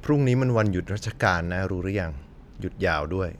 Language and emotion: Thai, neutral